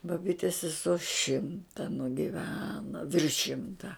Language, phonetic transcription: Lithuanian, baˈbytes seˈso ˈšimta nugiˈveno ˈvirš ˈšimta

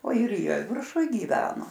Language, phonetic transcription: Lithuanian, o ir ˈjie virˈšuj gyˈveno

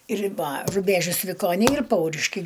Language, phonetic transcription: Lithuanian, riba ruˈbežius vikoˈniai ir ˈpauriškiai

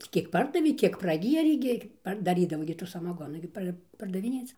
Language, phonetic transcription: Lithuanian, ˈtį kiek ˈpardavė ˈkiek praˈgierė gi ˈpar daˈrydavo gi tų samaˈgonų gi ˈpar pardaviˈnėc

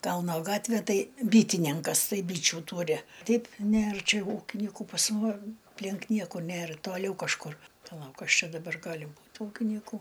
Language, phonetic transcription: Lithuanian, ˈkalno ˈgatvė ˈtai ˈbytininkas ˈtai ˈbyčiu ˈtūri ˈteip ˈnėr ˈčia ˈūkinyku pas muom apˈlink ˈnieku ˈnėr toˈliau kažˈkur paˈlauk ˈkas ˈčia daˈbar ˈgali ˈbūt ˈūkynyku

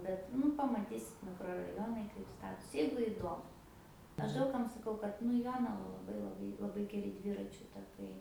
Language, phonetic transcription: Lithuanian, ˈbet ˈnu pamaˈtysit mikroraˈjonai kaip ˈstatos ˈjeigu iˈdomu ˈaš ˈdaug kam saˈkau kad nu i ˈjonava laˈbai laˈbai laˈbai geˈri ˈdviračiu taˈkai

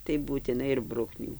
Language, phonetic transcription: Lithuanian, tai būtiˈnai ir ˈbruknių

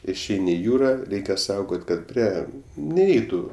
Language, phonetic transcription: Lithuanian, išˈeini i ˈjūra ˈreikia ˈsaugot' kad ˈprie neiˈeitu

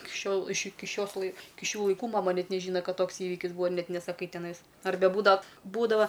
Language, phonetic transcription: Lithuanian, ik ˈšiol iš ˈiki ˈšios lai ˈiki ˈšių laiˈkų maˈma ˈnet neˈžyna ˈkad ˈtoks ˈįvikis ˈbūva ir ˈnet nesaˈkai teˈnais arˈbe ˈbūdav ˈbūdava

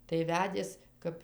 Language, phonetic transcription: Lithuanian, tai ˈvedės ˈkap

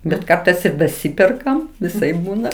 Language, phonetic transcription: Lithuanian, bet ˈkartais ir daˈsiperkam viˈsaip ˈbūna

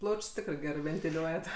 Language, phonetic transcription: Lithuanian, ˈplauč's' ˈtikrai ˈgerɜ ventiˈliuojat

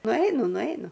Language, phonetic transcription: Lithuanian, nuˈainu nuˈainu

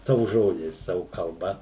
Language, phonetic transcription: Lithuanian, ˈsavu ˈžodžiais ˈsavu kalˈba

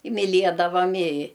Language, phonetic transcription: Lithuanian, i miˈliedavam i

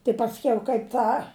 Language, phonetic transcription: Lithuanian, tai pasˈkiau kaip ˈtą

